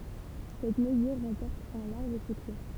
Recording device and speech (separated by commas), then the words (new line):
temple vibration pickup, read sentence
Cette mesure remporte un large succès.